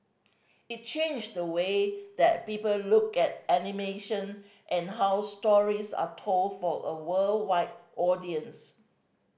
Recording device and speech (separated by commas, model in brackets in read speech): boundary microphone (BM630), read sentence